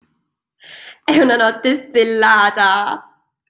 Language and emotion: Italian, happy